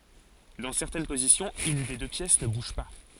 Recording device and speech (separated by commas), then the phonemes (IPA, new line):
forehead accelerometer, read sentence
dɑ̃ sɛʁtɛn pozisjɔ̃z yn de dø pjɛs nə buʒ pa